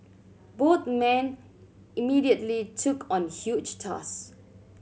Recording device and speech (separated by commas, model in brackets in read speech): mobile phone (Samsung C7100), read sentence